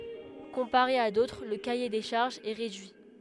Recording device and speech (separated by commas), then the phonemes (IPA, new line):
headset microphone, read sentence
kɔ̃paʁe a dotʁ lə kaje de ʃaʁʒz ɛ ʁedyi